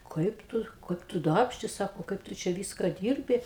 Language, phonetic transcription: Lithuanian, ˈkaip ˈtu ˈkaip tu ˈdarbšti ˈsako ˈkaip tu čia ˈvyska ˈdyrbi

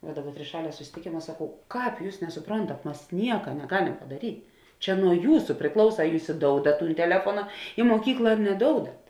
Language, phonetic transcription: Lithuanian, va ˈdaˌbar triˈšalie susitiˈkėma saˈkau ˈkāp ˈjūs nesuˈprontat ˈmas ˈnieka neˈgalem padaˈryt' ˈčia nuo ˈjūsu priˈklausa a ˈjūs iˈdoudat ˈtūn teˈlefuona i muoˈkykla ar neˈdoudat

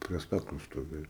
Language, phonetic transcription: Lithuanian, prie ˈstakliu stoˈvėjo

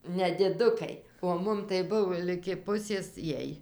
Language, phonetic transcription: Lithuanian, nediˈdukai o ˈmum tai ˈbuvo ligi ˈpusės ˈjiej

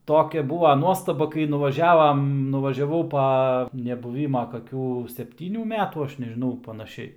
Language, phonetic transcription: Lithuanian, ˈtokia ˈbūva ˈnuostaba kai nuvaˈžiavam nuvažiaˈvau ˈpa nebuˈvyma kaˈkių sepˈtynių ˈmetų ˈaš nežiˈnau panaˈšiai

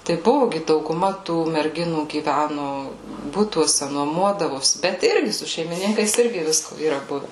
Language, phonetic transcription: Lithuanian, tai ˈbuvu ˈgi dauguˈma tų merˈginų gyˈvænu ˈbutuose nuoˈmuodavosi bet ˈirgi su šeimiˈninkais ˈirgi ˈvisko yˈra ˈbuve

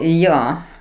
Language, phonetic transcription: Lithuanian, ˈjo

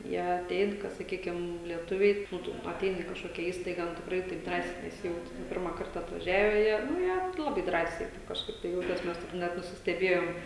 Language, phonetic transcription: Lithuanian, ˈjie aˈtein ka saˈkykim lieˈtuviai ˈnu tu aˈteini i kažˈkokia ˈįstaiga nu tikˈrai taip ˈdrąsiai neˈsijauti ˈnu ˈpirma ˈkarta atvaˈžiave ˈjie nu ˈjie ˈlabai ˈdrąsiai ˈtaip kažˈkaip tai ˈjautės ˈmes taip ˈnet nusisteˈbėjom

